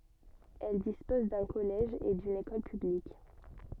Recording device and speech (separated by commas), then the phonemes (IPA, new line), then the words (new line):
soft in-ear microphone, read sentence
ɛl dispɔz dœ̃ kɔlɛʒ e dyn ekɔl pyblik
Elle dispose d'un collège et d'une école publique.